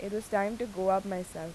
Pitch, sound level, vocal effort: 195 Hz, 86 dB SPL, normal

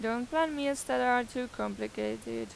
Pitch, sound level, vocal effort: 235 Hz, 88 dB SPL, normal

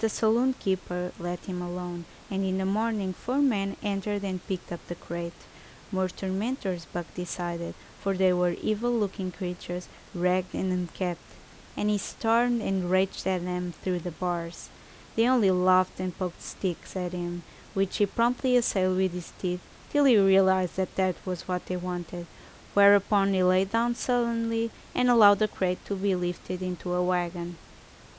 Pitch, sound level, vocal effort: 185 Hz, 80 dB SPL, normal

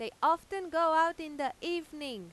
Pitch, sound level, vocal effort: 320 Hz, 98 dB SPL, very loud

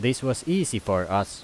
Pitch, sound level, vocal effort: 110 Hz, 87 dB SPL, loud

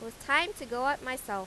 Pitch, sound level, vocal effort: 255 Hz, 93 dB SPL, loud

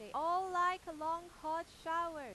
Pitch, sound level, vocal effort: 335 Hz, 100 dB SPL, very loud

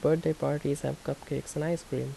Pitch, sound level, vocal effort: 155 Hz, 77 dB SPL, soft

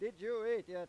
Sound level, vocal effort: 103 dB SPL, very loud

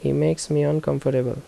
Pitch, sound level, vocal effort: 130 Hz, 78 dB SPL, soft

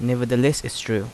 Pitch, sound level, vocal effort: 125 Hz, 82 dB SPL, normal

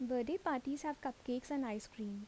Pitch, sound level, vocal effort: 255 Hz, 77 dB SPL, soft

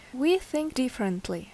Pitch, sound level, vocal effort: 255 Hz, 79 dB SPL, normal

